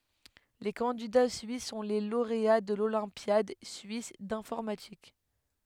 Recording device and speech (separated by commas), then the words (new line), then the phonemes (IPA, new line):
headset microphone, read sentence
Les candidats suisses sont les lauréats de l'Olympiade suisse d'informatique.
le kɑ̃dida syis sɔ̃ le loʁea də lolɛ̃pjad syis dɛ̃fɔʁmatik